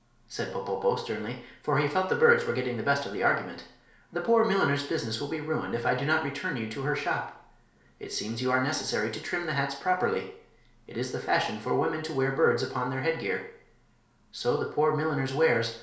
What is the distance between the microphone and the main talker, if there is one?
1.0 m.